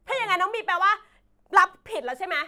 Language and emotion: Thai, angry